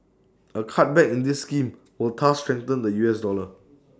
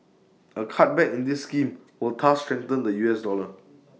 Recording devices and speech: standing microphone (AKG C214), mobile phone (iPhone 6), read sentence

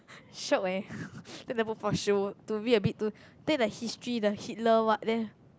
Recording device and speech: close-talking microphone, conversation in the same room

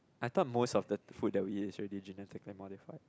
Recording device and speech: close-talking microphone, conversation in the same room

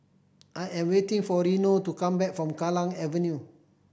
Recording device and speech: boundary microphone (BM630), read sentence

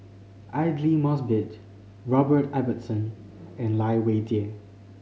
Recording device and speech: mobile phone (Samsung C5010), read sentence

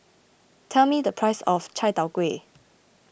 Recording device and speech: boundary microphone (BM630), read sentence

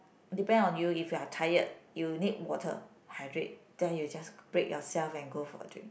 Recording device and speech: boundary microphone, conversation in the same room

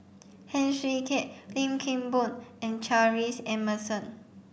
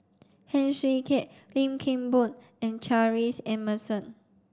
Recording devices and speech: boundary microphone (BM630), standing microphone (AKG C214), read sentence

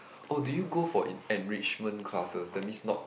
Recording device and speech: boundary microphone, conversation in the same room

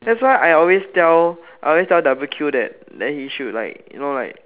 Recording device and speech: telephone, conversation in separate rooms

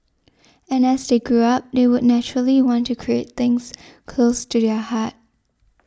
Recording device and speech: standing microphone (AKG C214), read sentence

